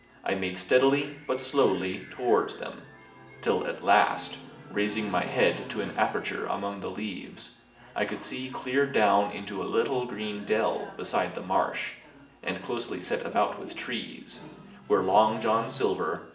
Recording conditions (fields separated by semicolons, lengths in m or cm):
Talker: one person; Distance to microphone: 1.8 m; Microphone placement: close; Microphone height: 1.0 m; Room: large; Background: television